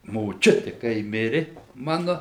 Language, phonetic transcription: Lithuanian, moˈčiuti kai ˈmiri ˈmanu

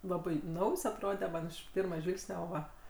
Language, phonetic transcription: Lithuanian, ˈlabai ˈnaujs atˈrode ˈman ˈiš ˈpirmaˈžvilgsne ˈo ˈva

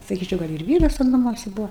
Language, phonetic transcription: Lithuanian, saˈkyčiau gal' ir ˈvyras ten naˈmuose ˈbuo

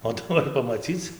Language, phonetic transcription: Lithuanian, o ˈtu ˈnori pamaˈcyc

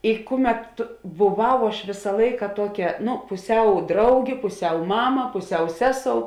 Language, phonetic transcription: Lithuanian, i ˈkuˌmet tu buˈvau aš ˈvėsa ˈlaika ˈtuoˌkia ˈnu puˈsiau ˈdraugė puˈsiau ˈmama puˈsiau ˈseˌsou

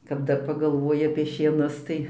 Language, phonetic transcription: Lithuanian, kap ˈdar pagalˈvoji apie šieˈnus ˈtai

